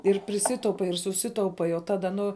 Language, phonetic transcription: Lithuanian, ir priˈsitaupai ir suˈsitaupai o ˈtada ˈnu

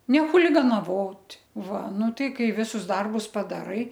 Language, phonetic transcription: Lithuanian, ne chuliganaˈvot' ˈva ˈnu ˈtai ˈkai ˈvisus ˈdarbus padaˈrai

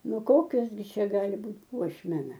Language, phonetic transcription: Lithuanian, ˈnu ˈkokios gi ˈčia ˈgali ˈbūt' ˈpuošmena

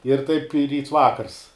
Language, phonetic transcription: Lithuanian, ir ˈtaip i ˈryts ˈvakars

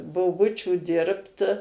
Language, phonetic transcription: Lithuanian, boˈbučiu ˈdirbt

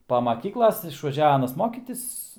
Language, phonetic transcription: Lithuanian, pa maˈkyklas išvaˈžiav ˈanas ˈmokytis

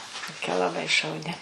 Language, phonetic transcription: Lithuanian, toˈkia laˈbai šauˈni

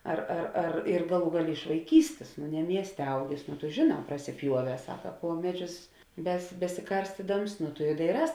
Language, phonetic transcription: Lithuanian, ˈar ar ar ir ˈgaˌlų ˈgaˌlė iš vaiˈkystės nu ne ˈmiestė ˈaugės nu tu žėˈnā prasiˈpjuoˌvē ˈsaka ˈpuo meˌdžius bes besiˈkarstidams nu tu i daiˈrās

